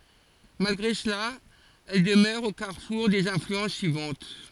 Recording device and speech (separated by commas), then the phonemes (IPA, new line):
forehead accelerometer, read sentence
malɡʁe səla ɛl dəmœʁ o kaʁfuʁ dez ɛ̃flyɑ̃s syivɑ̃t